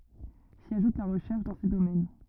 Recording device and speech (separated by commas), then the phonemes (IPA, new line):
rigid in-ear microphone, read sentence
si aʒut la ʁəʃɛʁʃ dɑ̃ se domɛn